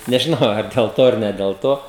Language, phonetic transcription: Lithuanian, nežiˈnau ar del ˈto ar ne del ˈto

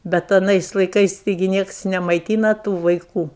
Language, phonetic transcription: Lithuanian, ˈbet aˈnais laiˈkais taiˈgi ˈnieks nemaiˈtyna ˈtų vaiˈkų

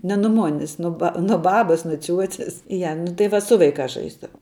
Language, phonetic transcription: Lithuanian, ne nu ˈmonis nu ˈba nu ˈbabas nu ˈciuoces ˈja nu tai ˈva ˈsu vaiˌkās ˈžaisdavau

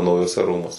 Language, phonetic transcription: Lithuanian, naujuoˈse ˈrūmuose

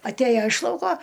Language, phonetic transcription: Lithuanian, atˈæja iš ˈlauko

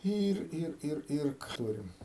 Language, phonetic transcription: Lithuanian, ˈyr ˈir ˈir ˈir ˈtūrim

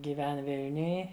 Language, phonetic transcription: Lithuanian, gyˈven ˈvilniuj

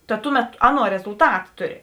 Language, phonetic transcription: Lithuanian, ta ˈtuˌmet ˈaˌnuo rezulˈtat ˈtuˌri

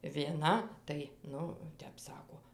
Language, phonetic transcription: Lithuanian, vieˈna tai ˈnu ˈtep ˈsako

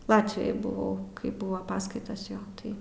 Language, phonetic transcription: Lithuanian, ˈlatvijoj buˈvau kai ˈbuva ˈpaskaitas ˈjo ˈtai

